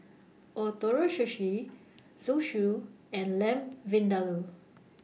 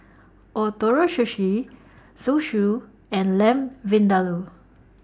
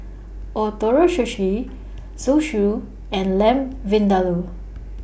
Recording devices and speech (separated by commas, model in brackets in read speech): mobile phone (iPhone 6), standing microphone (AKG C214), boundary microphone (BM630), read sentence